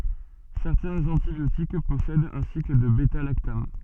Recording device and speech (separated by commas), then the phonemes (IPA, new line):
soft in-ear microphone, read sentence
sɛʁtɛ̃z ɑ̃tibjotik pɔsɛdt œ̃ sikl də bɛtalaktam